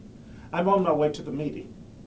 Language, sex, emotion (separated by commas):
English, male, neutral